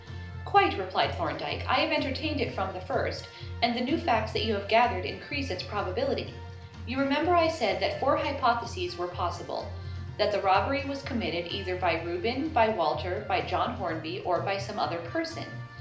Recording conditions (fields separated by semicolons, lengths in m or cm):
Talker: one person; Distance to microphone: 2.0 m; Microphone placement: close; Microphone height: 99 cm; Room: medium-sized (5.7 m by 4.0 m); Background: music